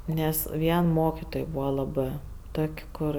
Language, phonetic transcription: Lithuanian, ˈnes ˈvien ˈmokitoj ˈbūva ˈlabɜ ˈtok' ˈkur

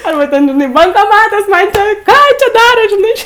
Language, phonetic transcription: Lithuanian, ˈarba ˈten žiˈnai bankoˈmatas ˈman ˈčia ˈką ˈčia ˈdarot žiˈnai

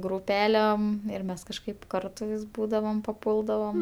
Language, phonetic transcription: Lithuanian, grūˈpelem ir ˈmes kažˈkaip ˈkartu vis ˈbūdavom paˈpūldavom

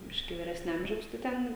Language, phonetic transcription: Lithuanian, ˈbiškį vyˈresnia ˈamžiaus tai ˈten

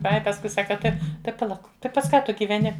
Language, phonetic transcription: Lithuanian, ˈai pasˈkui ˈsaka ˈtai tai paˈlauk ˈtai pas ˈką ˈtu gyveˈni

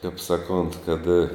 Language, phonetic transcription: Lithuanian, kaip ˈsaˌkont kad

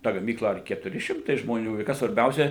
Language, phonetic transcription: Lithuanian, ˈta gaˈmykla ar ketuˈri ˈšimtai žmoˈnių i ˈkas svarˈbiausia

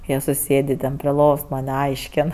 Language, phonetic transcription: Lithuanian, ˈjie suˈsėdė ten pri ˈlovos ˈman'ˈaišken

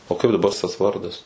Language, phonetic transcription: Lithuanian, o ˈkaip daˈba s tas ˈvardas

